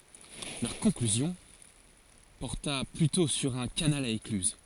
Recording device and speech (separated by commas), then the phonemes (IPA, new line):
forehead accelerometer, read sentence
lœʁ kɔ̃klyzjɔ̃ pɔʁta plytɔ̃ syʁ œ̃ kanal a eklyz